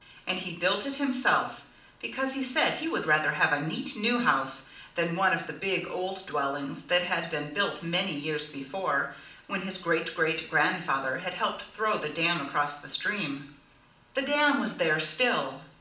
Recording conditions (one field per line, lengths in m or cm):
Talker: one person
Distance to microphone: 2.0 m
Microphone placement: close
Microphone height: 99 cm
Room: medium-sized (5.7 m by 4.0 m)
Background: none